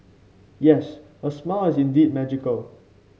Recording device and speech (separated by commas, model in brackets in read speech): mobile phone (Samsung C5), read sentence